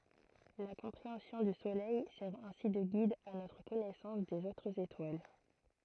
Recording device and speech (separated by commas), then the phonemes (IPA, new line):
throat microphone, read sentence
la kɔ̃pʁeɑ̃sjɔ̃ dy solɛj sɛʁ ɛ̃si də ɡid a notʁ kɔnɛsɑ̃s dez otʁz etwal